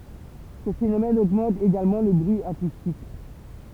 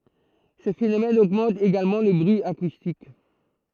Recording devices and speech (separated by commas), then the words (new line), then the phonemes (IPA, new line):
temple vibration pickup, throat microphone, read sentence
Ce phénomène augmente également le bruit acoustique.
sə fenomɛn oɡmɑ̃t eɡalmɑ̃ lə bʁyi akustik